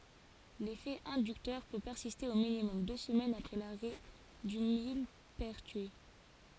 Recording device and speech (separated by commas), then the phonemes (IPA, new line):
forehead accelerometer, read sentence
lefɛ ɛ̃dyktœʁ pø pɛʁsiste o minimɔm dø səmɛnz apʁɛ laʁɛ dy milpɛʁtyi